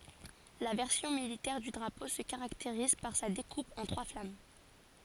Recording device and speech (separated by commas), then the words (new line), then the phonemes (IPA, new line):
forehead accelerometer, read sentence
La version militaire du drapeau se caractérise par sa découpe en trois flammes.
la vɛʁsjɔ̃ militɛʁ dy dʁapo sə kaʁakteʁiz paʁ sa dekup ɑ̃ tʁwa flam